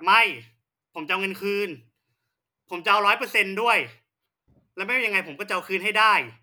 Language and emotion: Thai, angry